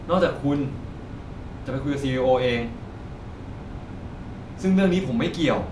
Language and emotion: Thai, frustrated